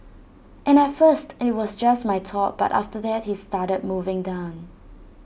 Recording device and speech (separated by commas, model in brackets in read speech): boundary microphone (BM630), read sentence